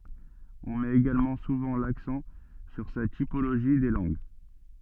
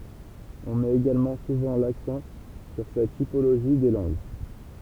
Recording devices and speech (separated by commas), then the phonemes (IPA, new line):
soft in-ear microphone, temple vibration pickup, read sentence
ɔ̃ mɛt eɡalmɑ̃ suvɑ̃ laksɑ̃ syʁ sa tipoloʒi de lɑ̃ɡ